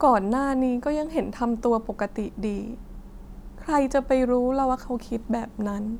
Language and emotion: Thai, sad